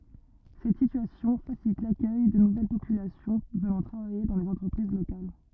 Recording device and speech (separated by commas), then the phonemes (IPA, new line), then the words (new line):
rigid in-ear microphone, read sentence
sɛt sityasjɔ̃ fasilit lakœj də nuvɛl popylasjɔ̃ vənɑ̃ tʁavaje dɑ̃ lez ɑ̃tʁəpʁiz lokal
Cette situation facilite l’accueil de nouvelle population venant travailler dans les entreprises locales.